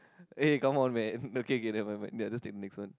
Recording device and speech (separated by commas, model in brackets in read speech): close-talking microphone, conversation in the same room